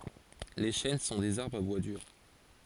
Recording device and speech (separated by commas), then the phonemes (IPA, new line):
forehead accelerometer, read sentence
le ʃɛn sɔ̃ dez aʁbʁz a bwa dyʁ